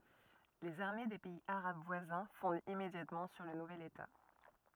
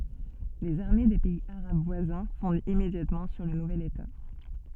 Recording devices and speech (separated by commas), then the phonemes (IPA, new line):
rigid in-ear microphone, soft in-ear microphone, read sentence
lez aʁme de pɛiz aʁab vwazɛ̃ fɔ̃dt immedjatmɑ̃ syʁ lə nuvɛl eta